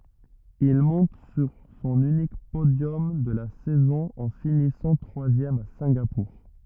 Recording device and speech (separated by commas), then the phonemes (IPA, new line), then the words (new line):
rigid in-ear microphone, read sentence
il mɔ̃t syʁ sɔ̃n ynik podjɔm də la sɛzɔ̃ ɑ̃ finisɑ̃ tʁwazjɛm a sɛ̃ɡapuʁ
Il monte sur son unique podium de la saison en finissant troisième à Singapour.